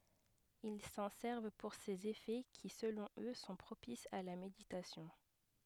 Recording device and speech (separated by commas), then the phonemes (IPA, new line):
headset microphone, read sentence
il sɑ̃ sɛʁv puʁ sez efɛ ki səlɔ̃ ø sɔ̃ pʁopisz a la meditasjɔ̃